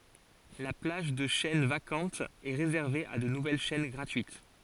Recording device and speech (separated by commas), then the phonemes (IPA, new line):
forehead accelerometer, read sentence
la plaʒ də ʃɛn vakɑ̃tz ɛ ʁezɛʁve a də nuvɛl ʃɛn ɡʁatyit